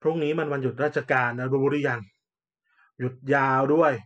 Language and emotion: Thai, frustrated